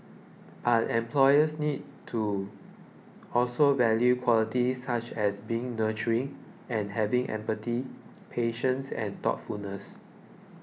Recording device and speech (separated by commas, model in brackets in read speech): mobile phone (iPhone 6), read sentence